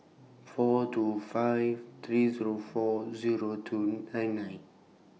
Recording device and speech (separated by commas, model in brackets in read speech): mobile phone (iPhone 6), read sentence